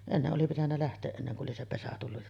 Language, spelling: Finnish, ennen oli pitänyt lähteä ennen kuin oli se pesä tullut
- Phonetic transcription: 'enneˀ ˀoli pitännä läht̀ee’ '’enneŋ ku’ ’oli se 'pesä tullu .

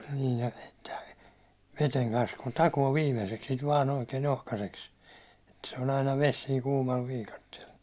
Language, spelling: Finnish, niin ja sitten veden kanssa kun takoo viimeiseksi sitä vain oikein ohkaiseksi että se on aina vesi siinä kuumalla viikatteella
- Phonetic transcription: niij ja sɪttɛ , veteŋ kans kun 'takoo 'viimeseks sit vaan oikeen 'ohkaseks , Et se on ‿aina 'ves siiŋ kuumal 'viikattiel .

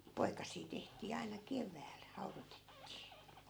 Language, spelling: Finnish, ja poikasia tehtiin aina keväällä haudotettiin
- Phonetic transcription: ja 'poikas̀ii teht̀ii aina "kevääl , 'haurotettii .

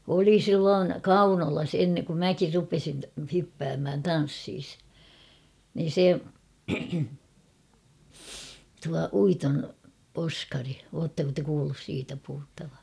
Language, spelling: Finnish, oli silloin Kaunolassa - kun minäkin rupesin - hyppäämään tansseissa niin se tuo Uiton Oskari oletteko te kuullut siitä puhuttavan
- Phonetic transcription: oli 'silloon , "Kaunolas en- kum "mäkir 'rupesin ta- 'hyppäämhän "tan̬ssiis , niin̬ 'se , tua 'Uiton 'Oskari , 'oottako te kuullus 'siitä puhuttava ?

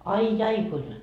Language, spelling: Finnish, ai ai kuinka
- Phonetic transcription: 'ai "jai kuin ,.

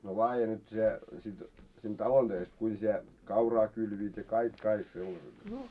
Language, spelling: Finnish, no laadi nyt se sitten siinä talon töistä kuinka sinä kauraa kylvivät ja kaikki kaikki sellaiset ne
- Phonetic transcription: no 'laaje nyt se , sit siin "talon ᴅöist 'kuin sie , 'kauraa kylviit ja 'kaik 'kaik sellaset ne .

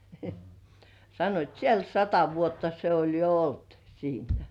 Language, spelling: Finnish, sanoivat siellä sata vuotta se oli jo ollut siinä
- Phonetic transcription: sannoit » "siel 'sata vuotta se oĺ jo "olt , siinä « .

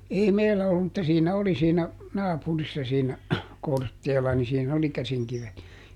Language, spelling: Finnish, ei meillä ollut mutta siinä oli siinä naapurissa siinä Kortteella niin siinä oli käsinkivet ja
- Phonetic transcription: ˈei "meillä ollum mutta ˈsiinä ˈoli siinä , "naapurissa siinä , ˈKortteela ni siiˈn ‿oli ˈkäsiŋkivet ja ,.

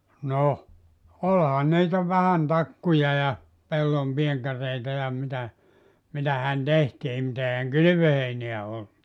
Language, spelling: Finnish, no olihan niitä vähän takkuja ja pellonpientareita ja mitä mitähän tehtiin mutta eihän kylvöheinää ollut
- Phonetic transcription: 'noh , 'olhan niitä vähän 'takkuja ja , 'pellompientar̀eita ja mitä , mitähän 'tehtiim mut ‿eihäŋ "kylʸvöheineä 'ollu .

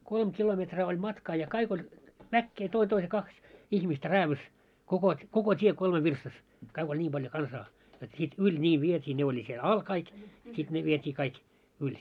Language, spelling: Finnish, kolme kilometriä oli matkaa ja kaikki oli väkeä toinen toisen kaksi ihmistä räädyssä - koko tie kolme virstassa kaikki oli niin paljon kansaa jotta sitten yli niin vietiin ne oli siellä alla kaikki sitten ne vietiin kaikki yli
- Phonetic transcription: kolm 'kilometraa oĺ 'matkaa ja kaik ‿oĺ , 'väkkee 'toin 'toise 'kaks , 'ihmistä "räävys , kokot , 'koko 'tie kolme virstas , kaik oĺ 'ńiim ʙaljo 'kansaa , jot sit "yĺ ńii 'viet́ii 'ne oĺi siel "al kaik , sit 'ne viet́ii 'kaik , 'yĺ .

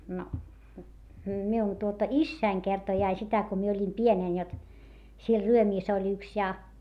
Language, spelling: Finnish, no minun tuota isäni kertoi aina sitä kun minä olin pienenä jotta siellä Ryömissä oli yksi ja
- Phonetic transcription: no , miun tuota issäiŋ kertoi ai sitä ko mie oĺim pienèn jot , siel Ryömiis ‿oĺ yks ja .

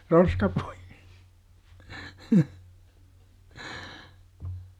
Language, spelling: Finnish, roskapuita
- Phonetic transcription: 'roskapui- !

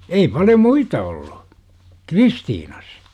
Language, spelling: Finnish, ei paljon muita ollut Kristiinassa
- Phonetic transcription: 'ei paljo "muita 'olLU , "Kristiinas .

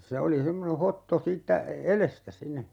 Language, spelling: Finnish, se oli semmoinen hotto siitä edestä sinne
- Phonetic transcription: 'se oli '(s)emmone 'hotto 'siittä , "elestä 'sinne ,.

